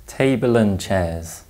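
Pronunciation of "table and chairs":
In 'table and chairs', the L at the end of 'table' is a light L, not a dark L, before the vowel sound at the start of 'and'.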